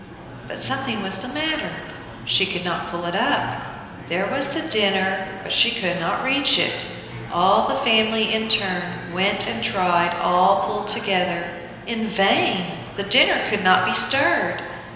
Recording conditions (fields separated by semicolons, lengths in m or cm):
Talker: one person; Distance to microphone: 1.7 m; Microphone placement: close; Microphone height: 1.0 m; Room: very reverberant, large; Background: babble